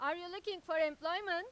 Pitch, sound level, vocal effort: 345 Hz, 102 dB SPL, very loud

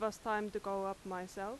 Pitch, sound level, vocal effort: 200 Hz, 87 dB SPL, loud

